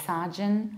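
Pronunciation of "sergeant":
This is an incorrect pronunciation of 'surgeon': the ur sound in the first syllable is said like ar.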